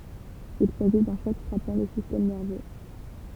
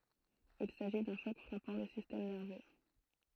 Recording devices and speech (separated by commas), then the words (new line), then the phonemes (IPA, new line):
temple vibration pickup, throat microphone, read sentence
Il s'agit d'un choc frappant le système nerveux.
il saʒi dœ̃ ʃɔk fʁapɑ̃ lə sistɛm nɛʁvø